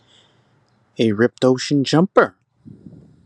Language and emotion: English, fearful